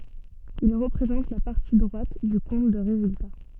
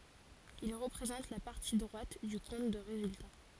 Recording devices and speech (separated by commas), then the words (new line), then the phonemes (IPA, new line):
soft in-ear microphone, forehead accelerometer, read sentence
Il représente la partie droite du compte de résultat.
il ʁəpʁezɑ̃t la paʁti dʁwat dy kɔ̃t də ʁezylta